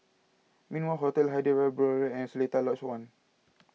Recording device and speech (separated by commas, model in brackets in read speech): mobile phone (iPhone 6), read sentence